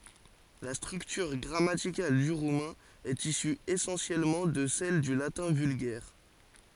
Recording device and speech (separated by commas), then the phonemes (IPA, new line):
forehead accelerometer, read sentence
la stʁyktyʁ ɡʁamatikal dy ʁumɛ̃ ɛt isy esɑ̃sjɛlmɑ̃ də sɛl dy latɛ̃ vylɡɛʁ